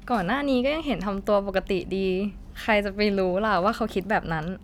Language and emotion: Thai, happy